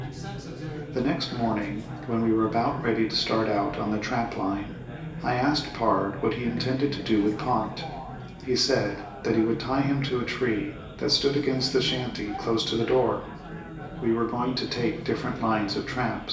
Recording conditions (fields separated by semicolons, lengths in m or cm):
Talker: one person; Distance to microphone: 1.8 m; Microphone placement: close; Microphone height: 1.0 m; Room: large; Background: babble